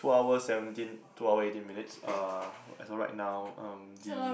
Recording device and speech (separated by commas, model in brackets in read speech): boundary microphone, conversation in the same room